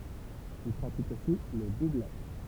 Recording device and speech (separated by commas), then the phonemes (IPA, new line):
temple vibration pickup, read sentence
il pʁatik osi lə dublaʒ